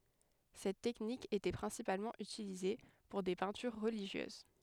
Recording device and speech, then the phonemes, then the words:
headset microphone, read sentence
sɛt tɛknik etɛ pʁɛ̃sipalmɑ̃ ytilize puʁ de pɛ̃tyʁ ʁəliʒjøz
Cette technique était principalement utilisée pour des peintures religieuses.

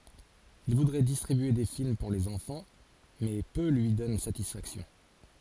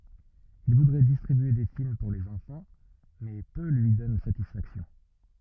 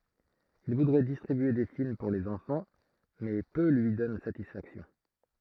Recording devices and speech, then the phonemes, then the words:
forehead accelerometer, rigid in-ear microphone, throat microphone, read sentence
il vudʁɛ distʁibye de film puʁ lez ɑ̃fɑ̃ mɛ pø lyi dɔn satisfaksjɔ̃
Il voudrait distribuer des films pour les enfants, mais peu lui donnent satisfaction.

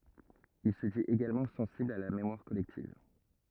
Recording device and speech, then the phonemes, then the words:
rigid in-ear microphone, read sentence
il sə dit eɡalmɑ̃ sɑ̃sibl a la memwaʁ kɔlɛktiv
Il se dit également sensible à la mémoire collective.

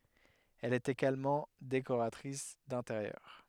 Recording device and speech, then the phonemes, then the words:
headset microphone, read sentence
ɛl ɛt eɡalmɑ̃ dekoʁatʁis dɛ̃teʁjœʁ
Elle est également décoratrice d'intérieur.

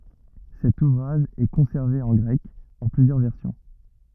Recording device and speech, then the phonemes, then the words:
rigid in-ear microphone, read sentence
sɛt uvʁaʒ ɛ kɔ̃sɛʁve ɑ̃ ɡʁɛk ɑ̃ plyzjœʁ vɛʁsjɔ̃
Cet ouvrage est conservé en grec, en plusieurs versions.

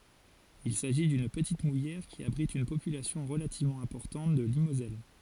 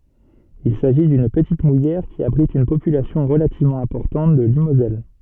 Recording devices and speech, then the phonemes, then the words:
forehead accelerometer, soft in-ear microphone, read sentence
il saʒi dyn pətit mujɛʁ ki abʁit yn popylasjɔ̃ ʁəlativmɑ̃ ɛ̃pɔʁtɑ̃t də limozɛl
Il s'agit d'une petite mouillère qui abrite une population relativement importante de limoselle.

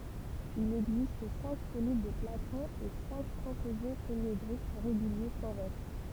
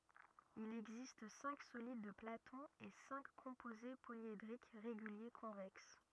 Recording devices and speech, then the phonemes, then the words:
temple vibration pickup, rigid in-ear microphone, read sentence
il ɛɡzist sɛ̃k solid də platɔ̃ e sɛ̃k kɔ̃poze poljedʁik ʁeɡylje kɔ̃vɛks
Il existe cinq solides de Platon et cinq composés polyédriques réguliers convexes.

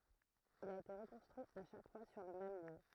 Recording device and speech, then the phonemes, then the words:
throat microphone, read sentence
il a ete ʁəkɔ̃stʁyi a ʃak fwa syʁ lə mɛm ljø
Il a été reconstruit à chaque fois sur le même lieu.

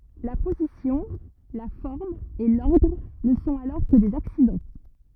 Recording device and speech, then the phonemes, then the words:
rigid in-ear microphone, read sentence
la pozisjɔ̃ la fɔʁm e lɔʁdʁ nə sɔ̃t alɔʁ kə dez aksidɑ̃
La position, la forme et l’ordre ne sont alors que des accidents.

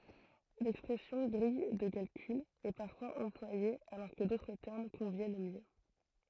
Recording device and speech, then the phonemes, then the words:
throat microphone, read sentence
lɛkspʁɛsjɔ̃ ɡʁij də kalkyl ɛ paʁfwaz ɑ̃plwaje alɔʁ kə dotʁ tɛʁm kɔ̃vjɛn mjø
L'expression grille de calcul est parfois employée alors que d'autres termes conviennent mieux.

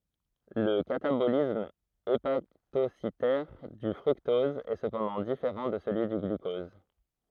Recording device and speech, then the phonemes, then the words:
throat microphone, read sentence
lə katabolism epatositɛʁ dy fʁyktɔz ɛ səpɑ̃dɑ̃ difeʁɑ̃ də səlyi dy ɡlykɔz
Le catabolisme hépatocytaire du fructose est cependant différent de celui du glucose.

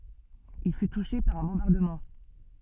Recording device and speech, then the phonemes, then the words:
soft in-ear microphone, read sentence
il fy tuʃe paʁ œ̃ bɔ̃baʁdəmɑ̃
Il fut touché par un bombardement.

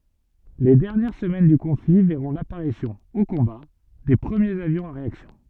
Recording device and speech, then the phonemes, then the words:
soft in-ear microphone, read sentence
le dɛʁnjɛʁ səmɛn dy kɔ̃fli vɛʁɔ̃ lapaʁisjɔ̃ o kɔ̃ba de pʁəmjez avjɔ̃z a ʁeaksjɔ̃
Les dernières semaines du conflit verront l'apparition, au combat, des premiers avions à réaction.

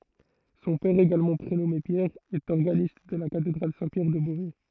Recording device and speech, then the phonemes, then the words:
throat microphone, read sentence
sɔ̃ pɛʁ eɡalmɑ̃ pʁenɔme pjɛʁ ɛt ɔʁɡanist də la katedʁal sɛ̃ pjɛʁ də bovɛ
Son père également prénommé Pierre, est organiste de la Cathédrale Saint-Pierre de Beauvais.

